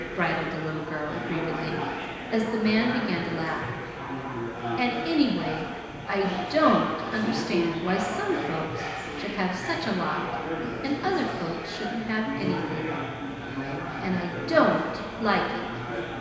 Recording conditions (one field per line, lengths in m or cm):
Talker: one person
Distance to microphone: 1.7 m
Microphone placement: close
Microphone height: 1.0 m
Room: very reverberant, large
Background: babble